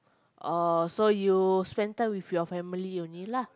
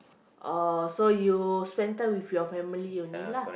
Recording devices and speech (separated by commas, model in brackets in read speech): close-talking microphone, boundary microphone, conversation in the same room